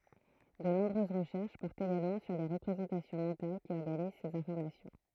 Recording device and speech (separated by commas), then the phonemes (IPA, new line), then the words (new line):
throat microphone, read sentence
də nɔ̃bʁøz ʁəʃɛʁʃ pɔʁtt eɡalmɑ̃ syʁ le ʁəpʁezɑ̃tasjɔ̃ mɑ̃tal ki ɔʁɡaniz sez ɛ̃fɔʁmasjɔ̃
De nombreuses recherches portent également sur les représentations mentales qui organisent ces informations.